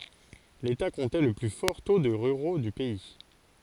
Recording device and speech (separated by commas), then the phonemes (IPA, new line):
forehead accelerometer, read sentence
leta kɔ̃tɛ lə ply fɔʁ to də ʁyʁo dy pɛi